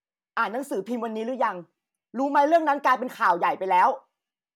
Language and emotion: Thai, angry